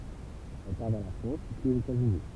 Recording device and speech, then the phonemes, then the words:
temple vibration pickup, read sentence
ɛl paʁ vɛʁ la fʁɑ̃s pyiz oz etatsyni
Elle part vers la France, puis aux États-Unis.

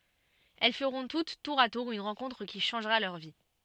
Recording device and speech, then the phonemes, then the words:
soft in-ear microphone, read sentence
ɛl fəʁɔ̃ tut tuʁ a tuʁ yn ʁɑ̃kɔ̃tʁ ki ʃɑ̃ʒʁa lœʁ vi
Elles feront toutes, tour à tour, une rencontre qui changera leur vie.

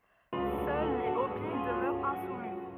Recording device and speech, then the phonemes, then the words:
rigid in-ear microphone, read sentence
sœl le opi dəmœʁt ɛ̃sumi
Seuls les Hopis demeurent insoumis.

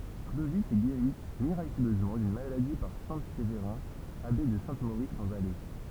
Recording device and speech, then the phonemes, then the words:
temple vibration pickup, read sentence
klovi ɛ ɡeʁi miʁakyløzmɑ̃ dyn maladi paʁ sɛ̃ sevʁɛ̃ abe də sɛ̃ moʁis ɑ̃ valɛ
Clovis est guéri miraculeusement d'une maladie par saint Séverin, abbé de Saint-Maurice en Valais.

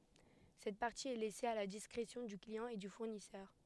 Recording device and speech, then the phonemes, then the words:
headset microphone, read sentence
sɛt paʁti ɛ lɛse a la diskʁesjɔ̃ dy kliɑ̃ e dy fuʁnisœʁ
Cette partie est laissée à la discrétion du client et du fournisseur.

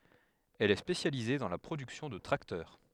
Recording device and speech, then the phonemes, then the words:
headset microphone, read sentence
ɛl ɛ spesjalize dɑ̃ la pʁodyksjɔ̃ də tʁaktœʁ
Elle est spécialisée dans la production de tracteurs.

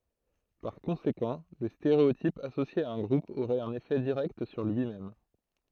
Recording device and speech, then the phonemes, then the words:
throat microphone, read sentence
paʁ kɔ̃sekɑ̃ lə steʁeotip asosje a œ̃ ɡʁup oʁɛt œ̃n efɛ diʁɛkt syʁ lyi mɛm
Par conséquent, le stéréotype associé à un groupe aurait un effet direct sur lui-même.

